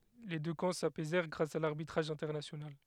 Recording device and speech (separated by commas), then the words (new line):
headset microphone, read sentence
Les deux camps s'apaisèrent grâce à l'arbitrage international.